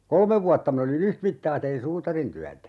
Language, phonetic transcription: Finnish, 'kolmev vuatta min ‿oli"n ‿yhtmittaa tein 'suutarintyätä .
- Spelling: kolme vuotta minä olin yhtä mittaa tein suutarintyötä

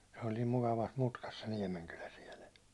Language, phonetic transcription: Finnish, se oĺ niim 'mukavas 'mutkas se 'Niɛmenkylä siɛlᵊ .
- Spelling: se oli niin mukavassa mutkassa se Niemenkylä siellä

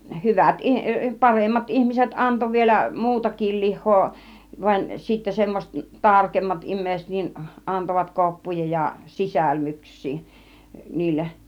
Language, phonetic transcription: Finnish, 'hyvat ih- , 'paremmat 'ihmiset 'anto vielä "muutakil 'lih̆hoo , vain sittä 'semmoset , "tarkemmat im̆mèiset nin , antovat "koppuja ja , "sisälmyks̆sii , 'niilleˀ .
- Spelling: hyvät - paremmat ihmiset antoi vielä muutakin lihaa vaan sitten semmoiset tarkemmat ihmiset niin antoivat koppuja ja sisälmyksiä niille

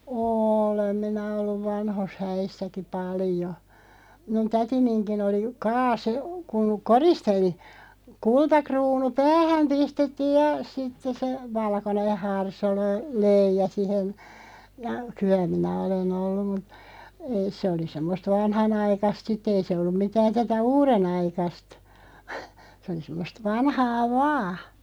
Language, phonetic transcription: Finnish, ôlem 'minä 'olluv 'vanhos "häissäki 'paljo , 'minun "tätiniŋkin 'oli , "kaase , kuŋ "koristeli , "kulta'kruunu "päähäm 'pistettiij ja 'sitteˢ se , 'valkoneʰ 'harsolö- , "löij̆ja sihen , ja , "kyä minä 'olen "olluᵐ mu(t) , ei se oli 'semmost "vanhanaikast 'sit'ᵗ ‿ei se olluᵐ 'mitään 'tätä "uure'naikast , sᵉ oli 'semmost 'vanhaa "vaa .
- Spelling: olen minä ollut vanhoissa häissäkin paljon minun tätininkin oli kaaso kun koristeli kultakruunu päähän pistettiin ja sitten se valkoinen - harsolöija siihen ja kyllä minä olen ollut mutta ei se oli semmoista vanhanaikaista sitten ei se ollut mitään tätä uudenaikaista se oli semmoista vanhaa vain

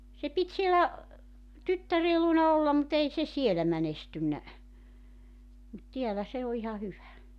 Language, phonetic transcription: Finnish, se 'pit sielä , 'tyttäree luona 'ollam mu't ‿ei se "sielä 'mänestynnä , mut 'tiälä se o iha 'hyvä .
- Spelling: se piti siellä tyttären luona olla mutta ei se siellä menestynyt mutta täällä se on ihan hyvä

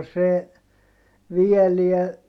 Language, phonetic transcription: Finnish, no se , vieliä ,.
- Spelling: no se viedään

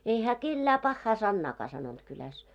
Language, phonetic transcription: Finnish, ei hää "kellää 'pahhaa 'sannaakaa sanont kyläs .
- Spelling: ei hän kenellekään pahaa sanaakaan sanonut kylässä

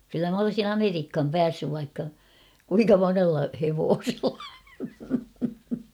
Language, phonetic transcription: Finnish, kyllä m ‿olsin ‿"Ameriikham 'päässyv vaikka , 'kuiŋka "monella hevoosella .
- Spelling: kyllä minä olisin Amerikkaan päässyt vaikka kuinka monella hevosella

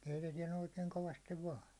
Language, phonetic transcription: Finnish, 'keitetiɛn oikeiŋ 'kovastiv 'vaan .
- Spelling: keitetään oikein kovasti vain

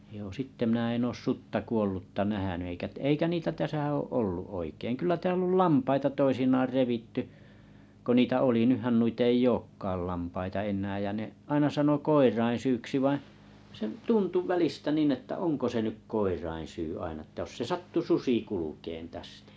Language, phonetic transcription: Finnish, joo 'sitte minᵃ̈ en 'oos "sutta "kuollutta "nähäny eikä 'eikä 'niitä 'täsä oo’ 'ollu’ 'oikeiŋ kyl̆lä 'tääll ‿ol "lampaita 'toisinaar 'revitty , ko 'niitä oli 'nyhän 'nuit ‿ei" ‿ookkaal 'lampaita 'ennääj ja ne , 'aina 'sano "koirain syyksi vaiḭ , se "tuntu "välistä 'nìn että 'oŋko se 'nyk "koirain syy 'aina ᵉttä ʲos 'se "sattu "susi kulukeen tästᴀ̈ .
- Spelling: joo sitten minä en ole sutta kuollutta nähnyt eikä eikä niitä tässä ole ollut oikein kyllä täällä oli lampaita toisinaan revitty kun niitä oli nythän noita ei olekaan lampaita enää ja ne aina sanoi koirien syyksi vaan se tuntui välistä niin että onko se nyt koirien syy aina että jos se sattui susi kulkemaan tästä

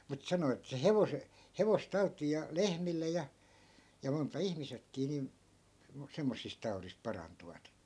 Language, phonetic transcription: Finnish, mut 'sano että se "hevose- , "hevostau̬t̆tiij̆ ja "lehmille ja , ja monta 'ihmisekkii nìn , sem- , 'semmossist taurisp̆ 'parantuvat .
- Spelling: mutta sanoi että se - hevostautiin ja lehmille ja ja monta ihmisetkin niin - semmoisista taudista parantuvat

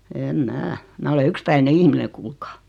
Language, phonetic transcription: Finnish, 'eem "mää , 'mää ole "ykspäine 'ihmine kuulkaa .
- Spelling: en minä minä olen yksipäinen ihminen kuulkaa

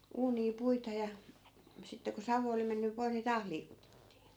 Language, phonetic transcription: Finnish, 'uunii "puita ja , sitte ku 'savu oli menny 'poiʰ ni "taah liikutettii .
- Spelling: uunia puita ja sitten kun savu oli mennyt pois niin taas liikutettiin

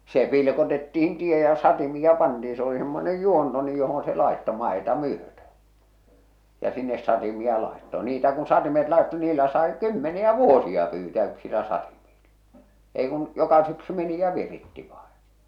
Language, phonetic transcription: Finnish, 'se pilkotettihin 'tie ja 'satimi₍a 'pantii se oli semmonej 'juonto nyj johon se làḙtto 'màḙta 'myötö , ja sinnes satimia làetto , niitä kun 'satimet làetto niillä sàe "kymmeni₍ä "vuosi₍a pyytää 'yksilä 'satimiiʟʟᴀ , ei kun , 'joka syksy meni ja 'viritti vaᴇɴ .
- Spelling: se pilkotettiin tie ja satimia pantiin se oli semmoinen juonto nyt johon se laittoi maata myöten ja sinne satimia laittoi niitä kun satimet laittoi niillä sai kymmeniä vuosia pyytää yksillä satimilla ei kuin joka syksy meni ja viritti vain

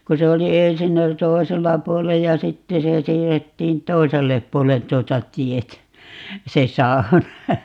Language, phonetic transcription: Finnish, 'ku se oli 'ensin ‿oli "tòisella 'puolej ja "sitte se 'siirrettiin "toisellep 'puolen 'tuota "tietä , 'se "sau̬na .
- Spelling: kun se oli ensin oli toisella puolen ja sitten se siirrettiin toiselle puolen tuota tietä se sauna

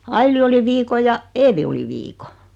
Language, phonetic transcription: Finnish, Aili oli 'viiko ja , "Eevi oli 'viiko .
- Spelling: Aili oli viikon ja Eevi oli viikon

